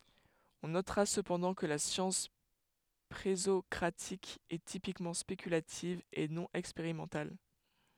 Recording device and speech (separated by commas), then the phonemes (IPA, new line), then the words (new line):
headset microphone, read sentence
ɔ̃ notʁa səpɑ̃dɑ̃ kə la sjɑ̃s pʁezɔkʁatik ɛ tipikmɑ̃ spekylativ e nɔ̃ ɛkspeʁimɑ̃tal
On notera cependant que la science présocratique est typiquement spéculative et non expérimentale.